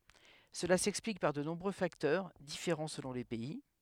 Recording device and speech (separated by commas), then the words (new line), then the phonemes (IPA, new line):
headset microphone, read sentence
Cela s'explique par de nombreux facteurs, différents selon les pays.
səla sɛksplik paʁ də nɔ̃bʁø faktœʁ difeʁɑ̃ səlɔ̃ le pɛi